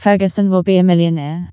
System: TTS, vocoder